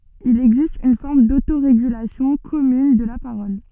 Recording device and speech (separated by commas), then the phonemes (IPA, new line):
soft in-ear microphone, read sentence
il ɛɡzist yn fɔʁm dotoʁeɡylasjɔ̃ kɔmyn də la paʁɔl